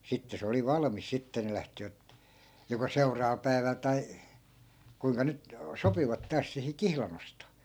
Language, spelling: Finnish, sitten se oli valmis sitten ne lähtivät joko seuraavalla päivällä tai kuinka nyt sopivat taas siihen kihlan ostoon
- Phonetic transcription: 'sitte se oli 'valᵃmis 'sitte ne 'lähtivät , joko 'seu̬raava(l) päi̮väl tai , kuiŋka 'nyt , 'sopivat taas 'sihi "kihlan ‿ostoo .

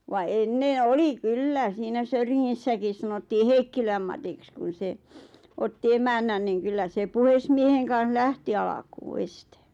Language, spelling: Finnish, vaan ennen oli kyllä siinä Söyringissäkin sanottiin Heikkilän Matiksi kun se otti emännän niin kyllä se puhemiehen kanssa lähti alkuun ensin
- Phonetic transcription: va 'enneḛ "oli "kyllä , 'siinä "Söyriŋŋissäkis 'sanottii "Heikkiläm Matiks kun̬ 'se , 'otti "emännän niiŋ kyllä 'se "puhesmieheŋ kaa̰h "lähti alakuu 'este .

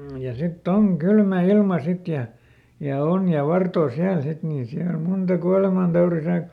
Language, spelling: Finnish, ja sitten on kylmä ilma sitten ja ja on ja vartoo siellä sitten niin siellä monta kuolemantaudin sai
- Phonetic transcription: ja ˈsit"t ‿oŋ "kylmä ˈilma ˈsit ja , ja ˈon ja "vartoo ˈsiäl ˈsit niin ˈsiäl ˈmunta "kualemantauri sai .

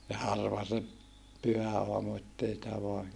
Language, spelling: Finnish, ja harva se pyhäaamu että ei sitä vain
- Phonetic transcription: ja harva se , pyhä₍aamu ettei sⁱtä voa , .

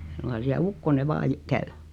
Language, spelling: Finnish, ei suinkaan siellä ukkonen vain - käy
- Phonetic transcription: 'e suŋkan siä "ukkone 'vaa j- , 'käy .

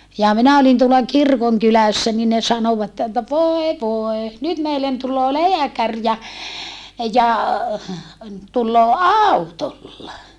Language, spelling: Finnish, ja minä olin tuolla kirkonkylässä niin ne sanoivat että voi voi nyt meille tulee lääkäri ja ja tulee autolla
- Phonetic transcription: ja minä olin tuola kirkoŋkylässä ni ne sanovatte että » voe voe , nyt meillen tul̆loo leäkär ja , ja , tulloo àutolla » .

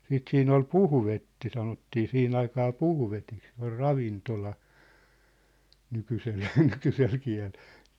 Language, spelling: Finnish, sitten siinä oli puhvetti sanottiin siihen aikaan puhvetiksi se on ravintola nykyisellä nykyisellä kielellä
- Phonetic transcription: 'siit 'siin ‿ol "puhvetti sanottii 'sihin ‿aikaa "puhvetik se ‿or "ravintola , 'nykysel , 'nykysel 'kiä̭leʟ .

